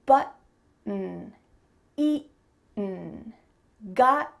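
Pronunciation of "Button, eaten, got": In 'button' and 'eaten', the T in the middle of the word is stopped in the throat: a glottal T.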